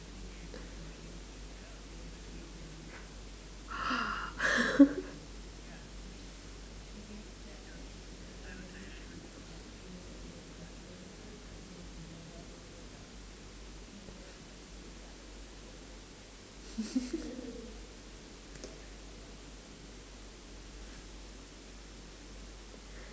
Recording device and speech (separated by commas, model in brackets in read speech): standing microphone, conversation in separate rooms